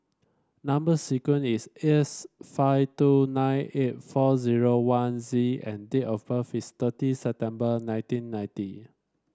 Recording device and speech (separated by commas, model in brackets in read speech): standing microphone (AKG C214), read sentence